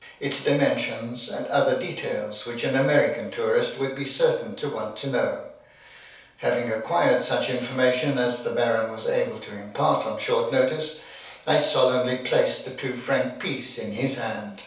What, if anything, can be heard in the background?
Nothing.